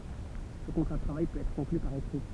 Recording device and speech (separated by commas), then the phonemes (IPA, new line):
temple vibration pickup, read sentence
sə kɔ̃tʁa də tʁavaj pøt ɛtʁ kɔ̃kly paʁ ekʁi